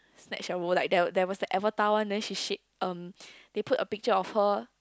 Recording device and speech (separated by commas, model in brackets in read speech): close-talking microphone, conversation in the same room